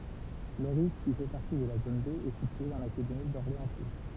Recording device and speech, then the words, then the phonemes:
temple vibration pickup, read sentence
Lorris, qui fait partie de la zone B, est situé dans l'académie d'Orléans-Tours.
loʁi ki fɛ paʁti də la zon be ɛ sitye dɑ̃ lakademi dɔʁleɑ̃stuʁ

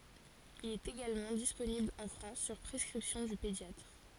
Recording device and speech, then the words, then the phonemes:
forehead accelerometer, read sentence
Il est également disponible en France sur prescription du pédiatre.
il ɛt eɡalmɑ̃ disponibl ɑ̃ fʁɑ̃s syʁ pʁɛskʁipsjɔ̃ dy pedjatʁ

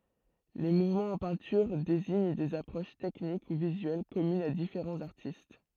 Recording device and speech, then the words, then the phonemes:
throat microphone, read sentence
Les mouvements en peinture désignent des approches techniques ou visuelles communes à différents artistes.
le muvmɑ̃z ɑ̃ pɛ̃tyʁ deziɲ dez apʁoʃ tɛknik u vizyɛl kɔmynz a difeʁɑ̃z aʁtist

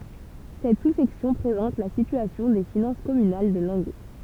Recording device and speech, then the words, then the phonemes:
temple vibration pickup, read sentence
Cette sous-section présente la situation des finances communales de Langueux.
sɛt susɛksjɔ̃ pʁezɑ̃t la sityasjɔ̃ de finɑ̃s kɔmynal də lɑ̃ɡø

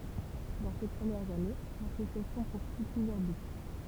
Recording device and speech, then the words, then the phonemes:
temple vibration pickup, read sentence
Dans ses premières années, l'association poursuit plusieurs buts.
dɑ̃ se pʁəmjɛʁz ane lasosjasjɔ̃ puʁsyi plyzjœʁ byt

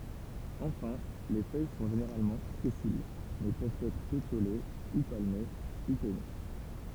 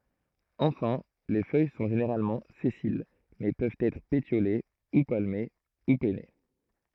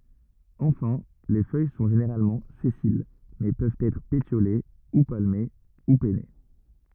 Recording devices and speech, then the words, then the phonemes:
temple vibration pickup, throat microphone, rigid in-ear microphone, read sentence
Enfin les feuilles sont généralement sessiles mais peuvent être pétiolées, ou palmées ou pennées.
ɑ̃fɛ̃ le fœj sɔ̃ ʒeneʁalmɑ̃ sɛsil mɛ pøvt ɛtʁ petjole u palme u pɛne

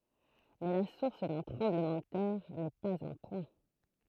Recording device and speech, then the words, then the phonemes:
throat microphone, read sentence
Mais la source d'un tremblement de terre n'est pas un point.
mɛ la suʁs dœ̃ tʁɑ̃bləmɑ̃ də tɛʁ nɛ paz œ̃ pwɛ̃

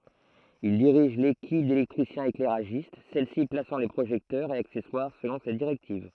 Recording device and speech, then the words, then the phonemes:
throat microphone, read sentence
Il dirige l'équipe d'électriciens-éclairagistes, celle-ci plaçant les projecteurs et accessoires selon ses directives.
il diʁiʒ lekip delɛktʁisjɛ̃seklɛʁaʒist sɛlsi plasɑ̃ le pʁoʒɛktœʁz e aksɛswaʁ səlɔ̃ se diʁɛktiv

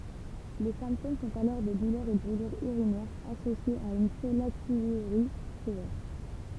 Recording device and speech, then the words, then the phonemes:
temple vibration pickup, read sentence
Les symptômes sont alors des douleurs et brûlures urinaires associées à une pollakiurie sévère.
le sɛ̃ptom sɔ̃t alɔʁ de dulœʁz e bʁylyʁz yʁinɛʁz asosjez a yn pɔlakjyʁi sevɛʁ

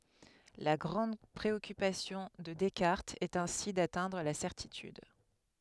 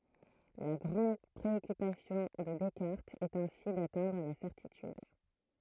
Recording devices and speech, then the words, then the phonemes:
headset microphone, throat microphone, read sentence
La grande préoccupation de Descartes est ainsi d'atteindre la certitude.
la ɡʁɑ̃d pʁeɔkypasjɔ̃ də dɛskaʁtz ɛt ɛ̃si datɛ̃dʁ la sɛʁtityd

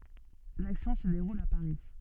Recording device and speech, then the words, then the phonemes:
soft in-ear microphone, read sentence
L’action se déroule à Paris.
laksjɔ̃ sə deʁul a paʁi

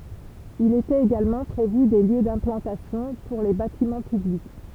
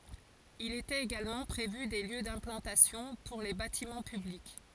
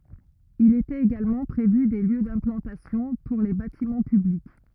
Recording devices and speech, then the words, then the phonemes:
temple vibration pickup, forehead accelerometer, rigid in-ear microphone, read sentence
Il était également prévu des lieux d'implantation pour les bâtiments publics.
il etɛt eɡalmɑ̃ pʁevy de ljø dɛ̃plɑ̃tasjɔ̃ puʁ le batimɑ̃ pyblik

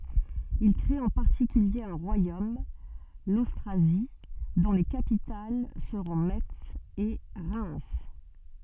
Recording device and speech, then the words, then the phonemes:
soft in-ear microphone, read sentence
Ils créent en particulier un royaume, l'Austrasie, dont les capitales seront Metz et Reims.
il kʁet ɑ̃ paʁtikylje œ̃ ʁwajom lostʁazi dɔ̃ le kapital səʁɔ̃ mɛts e ʁɛm

